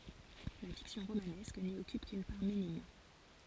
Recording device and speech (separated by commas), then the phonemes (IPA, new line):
forehead accelerometer, read sentence
la fiksjɔ̃ ʁomanɛsk ni ɔkyp kyn paʁ minim